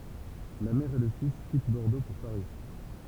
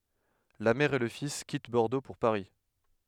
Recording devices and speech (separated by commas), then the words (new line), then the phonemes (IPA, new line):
temple vibration pickup, headset microphone, read sentence
La mère et le fils quittent Bordeaux pour Paris.
la mɛʁ e lə fis kit bɔʁdo puʁ paʁi